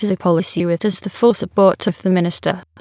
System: TTS, waveform concatenation